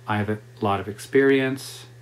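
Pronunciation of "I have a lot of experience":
'I have a lot of experience' is said the normal, typical way for a statement like this.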